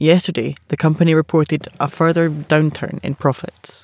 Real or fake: real